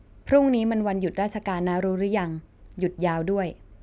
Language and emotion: Thai, neutral